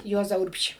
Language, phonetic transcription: Lithuanian, ˈjuoza ˈurbšį

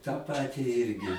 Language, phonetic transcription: Lithuanian, tą ˈpati ˈirgi

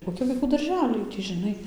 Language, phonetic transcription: Lithuanian, koˈki vaiˈkų darˈželiai ˈtį žiˈnai

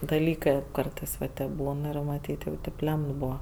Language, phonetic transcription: Lithuanian, daˈlykɜ ˈkartɜs va ˈtėp ˈbūn ˈir maˈtyt' jau ˈtėp ˈlemt ˈbuva

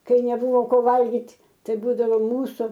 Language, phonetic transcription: Lithuanian, ˈkai neˈbuvo ˈko ˈvalgit' ˈtai ˈbūdavo ˈmūsų

